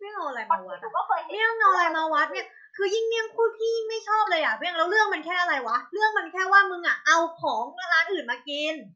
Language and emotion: Thai, angry